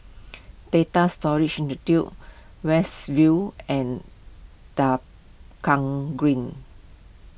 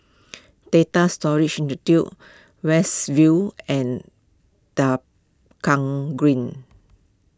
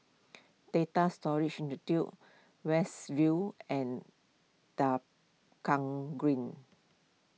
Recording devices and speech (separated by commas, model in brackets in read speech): boundary microphone (BM630), close-talking microphone (WH20), mobile phone (iPhone 6), read sentence